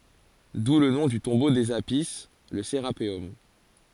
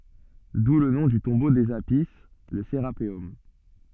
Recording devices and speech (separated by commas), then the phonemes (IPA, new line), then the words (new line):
forehead accelerometer, soft in-ear microphone, read sentence
du lə nɔ̃ dy tɔ̃bo dez api lə seʁapeɔm
D'où le nom du tombeau des Apis, le Sérapéum.